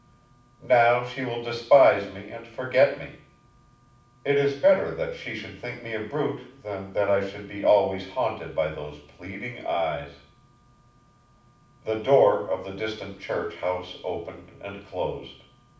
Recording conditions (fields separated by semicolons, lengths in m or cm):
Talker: one person; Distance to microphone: 5.8 m; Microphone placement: far; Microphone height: 1.8 m; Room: medium-sized (5.7 m by 4.0 m); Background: none